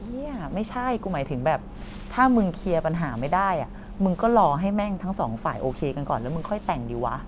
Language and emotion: Thai, frustrated